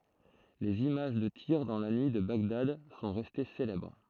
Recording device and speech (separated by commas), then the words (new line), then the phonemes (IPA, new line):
throat microphone, read sentence
Les images de tirs dans la nuit de Bagdad sont restées célèbres.
lez imaʒ də tiʁ dɑ̃ la nyi də baɡdad sɔ̃ ʁɛste selɛbʁ